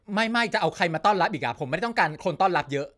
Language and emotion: Thai, frustrated